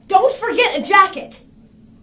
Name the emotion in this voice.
angry